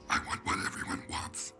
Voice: raspy